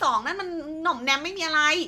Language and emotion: Thai, frustrated